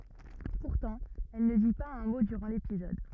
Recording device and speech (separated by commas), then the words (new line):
rigid in-ear microphone, read sentence
Pourtant, elle ne dit pas un mot durant l'épisode.